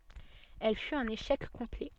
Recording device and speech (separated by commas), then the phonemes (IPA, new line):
soft in-ear microphone, read sentence
ɛl fyt œ̃n eʃɛk kɔ̃plɛ